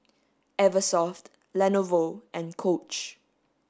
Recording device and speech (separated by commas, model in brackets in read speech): standing microphone (AKG C214), read sentence